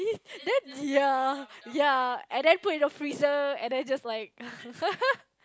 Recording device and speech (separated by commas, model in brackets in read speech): close-talking microphone, conversation in the same room